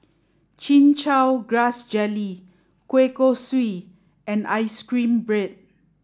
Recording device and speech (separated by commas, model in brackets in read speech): standing microphone (AKG C214), read sentence